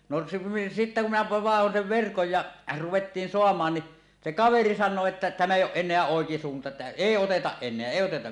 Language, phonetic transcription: Finnish, no se sittä kum minä vaehon sev verkoj ja , 'ruwettiin "soam̀aan ni , se 'kaveri 'san̆noo että » tämä éij ‿o̳ˀ ˀen̆neä 'òekisuunta että "èi 'otetaˀ 'ˀen̆neä èi oteta « .
- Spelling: no se sitten kun minä vaihdoin sen verkon ja ruvettiin saamaan niin se kaveri sanoo että tämä ei ole enää oikisuunta että ei oteta enää ei oteta

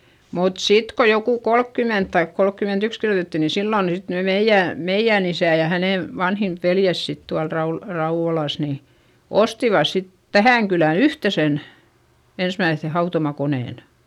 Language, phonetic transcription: Finnish, mut sit ko jokù kolkkyment taik kolkkymentyks kirjotetti ni sillòn sit ne meijjä̀ , meijjä̀n ‿isä̀ ja hänè , vanhin , veljäs sit tual Raul- , Rauᵛolàs ni , ostivas sit , tähä̀ŋ kylä yhtesen , ensmäiϑϑe hautomakonèn .
- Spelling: mutta sitten kun joku kolmekymmentä tai kolmekymmentäyksi kirjoitettiin niin silloin sitten ne meidän meidän isä ja hänen vanhin veljensä sitten tuolla - Rauvolassa niin ostivat sitten tähän kylään yhteisen ensimmäisen hautomakoneen

